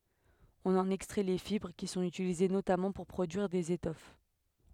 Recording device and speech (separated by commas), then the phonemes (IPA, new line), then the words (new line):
headset microphone, read sentence
ɔ̃n ɑ̃n ɛkstʁɛ le fibʁ ki sɔ̃t ytilize notamɑ̃ puʁ pʁodyiʁ dez etɔf
On en extrait les fibres, qui sont utilisées notamment pour produire des étoffes.